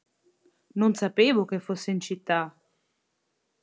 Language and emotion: Italian, surprised